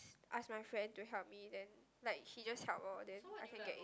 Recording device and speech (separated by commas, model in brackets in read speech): close-talking microphone, conversation in the same room